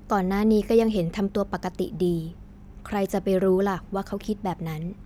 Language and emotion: Thai, neutral